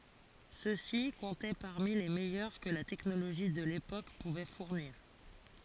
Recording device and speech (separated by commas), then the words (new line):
forehead accelerometer, read sentence
Ceux-ci comptaient parmi les meilleurs que la technologie de l'époque pouvait fournir.